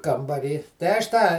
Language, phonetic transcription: Lithuanian, kambaˈry tai aš ˈtą

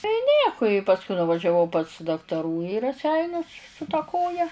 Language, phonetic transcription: Lithuanian, tai ˈnieku i pasˈkui nuvažiaˈvau pas daktaˈrų į raˈseinius su ta ˈkoja

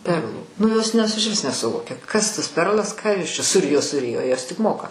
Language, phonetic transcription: Lithuanian, ˈperlų nu jos nes išˈvis nesuˈvokia ˈkas tas ˈperlas ˈką ˈjos čia suˈrijo suˈrijo ˈjos tik ˈmoka

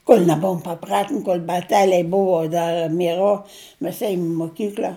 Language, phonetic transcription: Lithuanian, kol' neˈbuvom paˈpratin kol' baˈteliai ˈbuvo ˈdar mieˈro ˈmes ˈėjum i moˈkykl'a

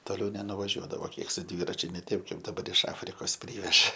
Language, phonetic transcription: Lithuanian, toˈliau nenuvaˈžiuodavo ˈkiek su ˈdvyračiu ne ˈteip ˈkaip daˈbar iš ˈafrikos ˈpryveža

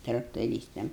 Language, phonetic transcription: Lithuanian, traktoˈrystam

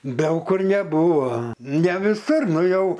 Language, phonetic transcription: Lithuanian, ˈdaug kur neˈbūvo ne viˈsur ˈnu ˈjau

